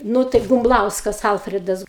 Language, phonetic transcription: Lithuanian, ˈnū tai bumˈblauskas ˈalfridas

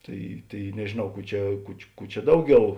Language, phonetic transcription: Lithuanian, ˈtai ˈtai nežėˈnau ˈkų ˈčia ˈku či ˈkų čia ˈdauˌgiau

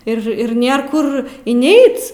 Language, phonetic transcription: Lithuanian, ir ˈir ˈnėr ˈkur inˈeic

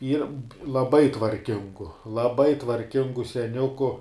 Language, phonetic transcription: Lithuanian, ˈyr laˈbai tvarˈkingu laˈbai tvarˈkingu seˈniuku

